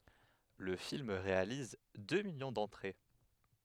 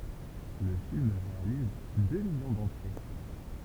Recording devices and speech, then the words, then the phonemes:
headset microphone, temple vibration pickup, read sentence
Le film réalise deux millions d'entrées.
lə film ʁealiz dø miljɔ̃ dɑ̃tʁe

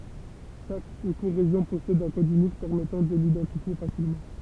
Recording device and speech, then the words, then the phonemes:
temple vibration pickup, read sentence
Chaque écorégion possède un code unique permettant de l'identifier facilement.
ʃak ekoʁeʒjɔ̃ pɔsɛd œ̃ kɔd ynik pɛʁmɛtɑ̃ də lidɑ̃tifje fasilmɑ̃

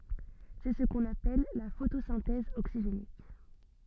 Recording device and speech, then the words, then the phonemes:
soft in-ear microphone, read sentence
C'est ce qu'on appelle la photosynthèse oxygénique.
sɛ sə kɔ̃n apɛl la fotosɛ̃tɛz oksiʒenik

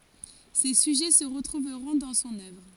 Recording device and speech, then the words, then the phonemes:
forehead accelerometer, read sentence
Ces sujets se retrouveront dans son œuvre.
se syʒɛ sə ʁətʁuvʁɔ̃ dɑ̃ sɔ̃n œvʁ

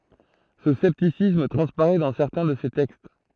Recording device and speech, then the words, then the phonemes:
throat microphone, read sentence
Ce scepticisme transparaît dans certains de ses textes.
sə sɛptisism tʁɑ̃spaʁɛ dɑ̃ sɛʁtɛ̃ də se tɛkst

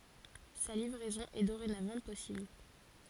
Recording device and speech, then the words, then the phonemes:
forehead accelerometer, read sentence
Sa livraison est dorénavant possible.
sa livʁɛzɔ̃ ɛ doʁenavɑ̃ pɔsibl

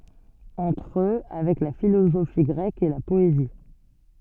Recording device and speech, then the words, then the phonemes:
soft in-ear microphone, read sentence
Entre eux, avec la philosophie grecque et la poésie.
ɑ̃tʁ ø avɛk la filozofi ɡʁɛk e la pɔezi

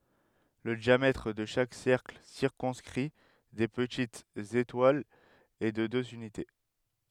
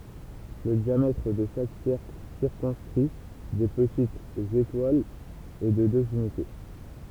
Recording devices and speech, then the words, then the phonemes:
headset microphone, temple vibration pickup, read sentence
Le diamètre de chaque cercle circonscrit des petites étoiles est de deux unités.
lə djamɛtʁ də ʃak sɛʁkl siʁkɔ̃skʁi de pətitz etwalz ɛ də døz ynite

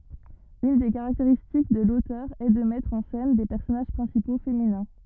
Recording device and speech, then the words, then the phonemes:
rigid in-ear microphone, read sentence
Une des caractéristiques de l'auteur est de mettre en scène des personnages principaux féminins.
yn de kaʁakteʁistik də lotœʁ ɛ də mɛtʁ ɑ̃ sɛn de pɛʁsɔnaʒ pʁɛ̃sipo feminɛ̃

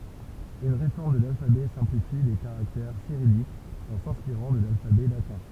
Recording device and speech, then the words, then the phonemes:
temple vibration pickup, read sentence
Une réforme de l’alphabet simplifie les caractères cyrilliques, en s'inspirant de l'alphabet latin.
yn ʁefɔʁm də lalfabɛ sɛ̃plifi le kaʁaktɛʁ siʁijikz ɑ̃ sɛ̃spiʁɑ̃ də lalfabɛ latɛ̃

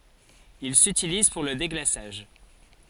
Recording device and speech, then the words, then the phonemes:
forehead accelerometer, read sentence
Il s'utilise pour le déglaçage.
il sytiliz puʁ lə deɡlasaʒ

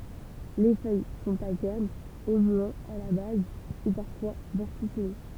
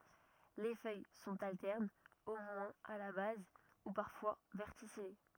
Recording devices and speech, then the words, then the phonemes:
temple vibration pickup, rigid in-ear microphone, read sentence
Les feuilles sont alternes, au moins à la base, ou parfois verticillées.
le fœj sɔ̃t altɛʁnz o mwɛ̃z a la baz u paʁfwa vɛʁtisije

